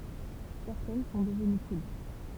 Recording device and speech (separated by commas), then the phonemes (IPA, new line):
temple vibration pickup, read sentence
sɛʁtɛn sɔ̃ dəvəny kylt